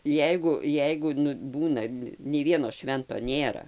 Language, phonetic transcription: Lithuanian, ˈjeigu ˈjeigu nu ˈbūna nei ˈvieno ˈšvento ˈnėra

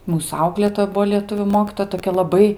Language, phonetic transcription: Lithuanian, ˈmūs ˈauklėtoja ˈbuo lieˈtuvių ˈmokytoja toˈkia laˈbai

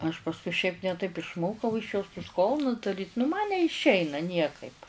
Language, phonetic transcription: Lithuanian, aš pasˈkui šiaip ne ˈtaip išˈmokau iš jos tus ˈkolnus daˈryt nu man neišˈeina ˈniekaip

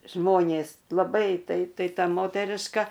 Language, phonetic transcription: Lithuanian, ˈžmonės laˈbai tai ˈtai ˈta ˈmoteriška

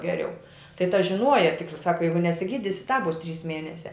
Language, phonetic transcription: Lithuanian, geˈriau tai ta žiˈnuoja ˈtikta ˈsaka ˈjeigu nesiˈgydisi tāp ˈbus ˈtrys ˈmienesia

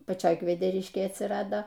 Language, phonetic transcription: Lithuanian, paˈčioj kvedeˈriškėj atsiˈrado

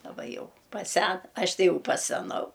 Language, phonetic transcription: Lithuanian, daˈba jau paˈsen ˈaš ˈtai ˈjau paseˈnau

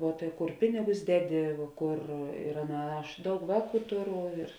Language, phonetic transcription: Lithuanian, vuo tai ˈkur ˈpinigus ˈdeˌdi ˈkur ir ˈaˌna ˈaš ˈdaug ˈvāˌkų ˈtuˌru ir

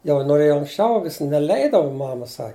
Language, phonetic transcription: Lithuanian, jau noˈrėjo anksˈčiau vis neˈleidavu ˈmama ˈsa

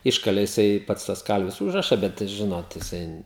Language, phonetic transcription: Lithuanian, ˈiškalė jiˈsai ˈpats tas ˈkalvis ˈūžraša ˈbet ˈžinot jiˈsai

